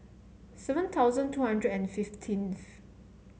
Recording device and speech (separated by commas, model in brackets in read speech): mobile phone (Samsung C7), read sentence